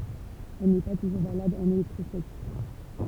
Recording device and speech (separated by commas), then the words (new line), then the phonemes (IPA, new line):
temple vibration pickup, read sentence
Elle n'est pas toujours valable en électrostatique.
ɛl nɛ pa tuʒuʁ valabl ɑ̃n elɛktʁɔstatik